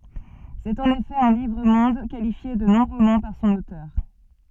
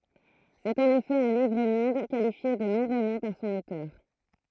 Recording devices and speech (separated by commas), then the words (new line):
soft in-ear microphone, throat microphone, read sentence
C'est en effet un livre-monde, qualifié de non-roman par son auteur.